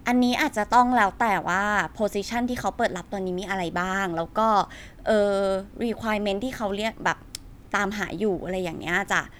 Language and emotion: Thai, neutral